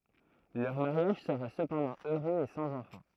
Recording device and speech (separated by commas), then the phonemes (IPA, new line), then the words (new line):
throat microphone, read sentence
lœʁ maʁjaʒ səʁa səpɑ̃dɑ̃ øʁøz e sɑ̃z ɑ̃fɑ̃
Leur mariage sera cependant heureux et sans enfant.